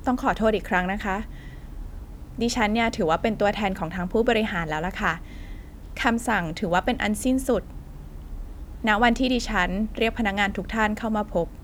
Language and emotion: Thai, neutral